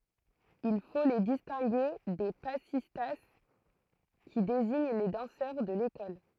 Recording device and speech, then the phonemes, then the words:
throat microphone, read sentence
il fo le distɛ̃ɡe de pasista ki deziɲ le dɑ̃sœʁ də lekɔl
Il faut les distinguer des passistas, qui désignent les danseurs de l'école.

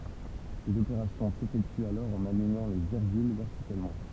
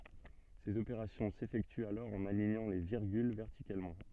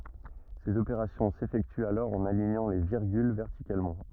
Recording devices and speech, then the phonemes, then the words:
temple vibration pickup, soft in-ear microphone, rigid in-ear microphone, read sentence
sez opeʁasjɔ̃ sefɛktyt alɔʁ ɑ̃n aliɲɑ̃ le viʁɡyl vɛʁtikalmɑ̃
Ces opérations s’effectuent alors en alignant les virgules verticalement.

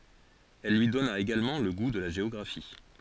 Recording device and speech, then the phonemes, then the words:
forehead accelerometer, read sentence
il lyi dɔna eɡalmɑ̃ lə ɡu də la ʒeɔɡʁafi
Il lui donna également le goût de la géographie.

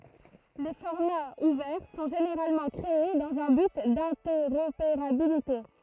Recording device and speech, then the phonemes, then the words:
throat microphone, read sentence
le fɔʁmaz uvɛʁ sɔ̃ ʒeneʁalmɑ̃ kʁee dɑ̃z œ̃ byt dɛ̃tɛʁopeʁabilite
Les formats ouverts sont généralement créés dans un but d’interopérabilité.

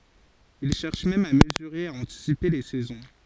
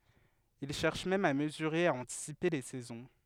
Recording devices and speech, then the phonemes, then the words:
forehead accelerometer, headset microphone, read sentence
il ʃɛʁʃ mɛm a məzyʁe e a ɑ̃tisipe le sɛzɔ̃
Il cherche même à mesurer et à anticiper les saisons.

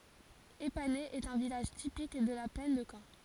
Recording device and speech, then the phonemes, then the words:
forehead accelerometer, read sentence
epanɛ ɛt œ̃ vilaʒ tipik də la plɛn də kɑ̃
Épaney est un village typique de la plaine de Caen.

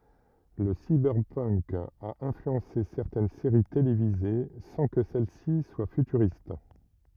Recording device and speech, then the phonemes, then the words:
rigid in-ear microphone, read sentence
lə sibɛʁpənk a ɛ̃flyɑ̃se sɛʁtɛn seʁi televize sɑ̃ kə sɛl si swa fytyʁist
Le cyberpunk a influencé certaines séries télévisées sans que celles-ci soient futuristes.

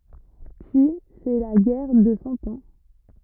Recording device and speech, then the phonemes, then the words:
rigid in-ear microphone, read sentence
pyi sɛ la ɡɛʁ də sɑ̃ ɑ̃
Puis, c'est la guerre de Cent Ans.

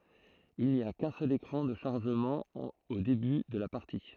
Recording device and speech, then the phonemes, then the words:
throat microphone, read sentence
il ni a kœ̃ sœl ekʁɑ̃ də ʃaʁʒəmɑ̃ o deby də la paʁti
Il n'y a qu'un seul écran de chargement au début de la partie.

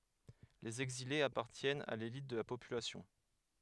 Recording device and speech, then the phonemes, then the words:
headset microphone, read sentence
lez ɛɡzilez apaʁtjɛnt a lelit də la popylasjɔ̃
Les exilés appartiennent à l'élite de la population.

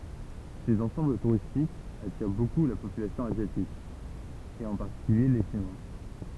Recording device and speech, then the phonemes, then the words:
temple vibration pickup, read sentence
sez ɑ̃sɑ̃bl tuʁistikz atiʁ boku la popylasjɔ̃ azjatik e ɑ̃ paʁtikylje le ʃinwa
Ces ensembles touristiques attirent beaucoup la population asiatique, et en particulier les Chinois.

